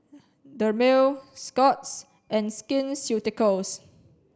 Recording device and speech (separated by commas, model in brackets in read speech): standing microphone (AKG C214), read sentence